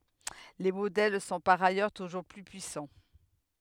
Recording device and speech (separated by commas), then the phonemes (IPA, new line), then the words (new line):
headset microphone, read sentence
le modɛl sɔ̃ paʁ ajœʁ tuʒuʁ ply pyisɑ̃
Les modèles sont par ailleurs toujours plus puissants.